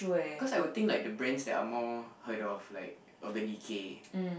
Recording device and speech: boundary microphone, conversation in the same room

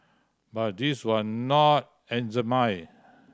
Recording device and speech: standing microphone (AKG C214), read sentence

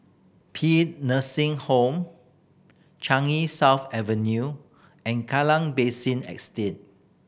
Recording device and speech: boundary microphone (BM630), read sentence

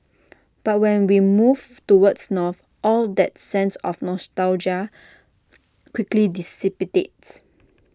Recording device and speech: standing microphone (AKG C214), read sentence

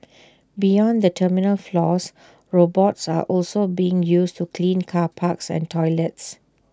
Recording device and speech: standing microphone (AKG C214), read sentence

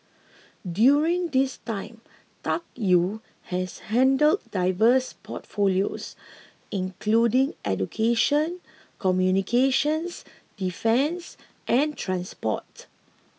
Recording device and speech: mobile phone (iPhone 6), read sentence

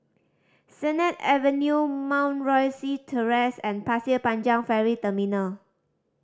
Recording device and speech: standing microphone (AKG C214), read sentence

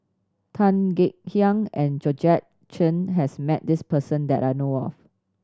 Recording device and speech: standing microphone (AKG C214), read sentence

